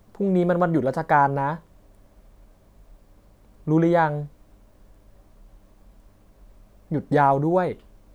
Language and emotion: Thai, frustrated